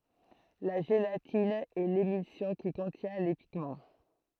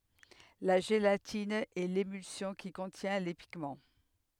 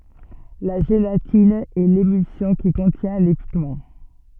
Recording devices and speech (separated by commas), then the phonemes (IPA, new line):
throat microphone, headset microphone, soft in-ear microphone, read sentence
la ʒelatin ɛ lemylsjɔ̃ ki kɔ̃tjɛ̃ le piɡmɑ̃